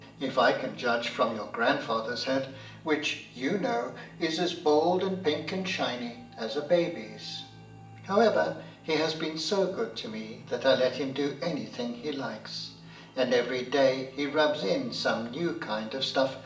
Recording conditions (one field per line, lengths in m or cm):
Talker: one person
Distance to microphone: 1.8 m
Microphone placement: close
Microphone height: 1.0 m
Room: large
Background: music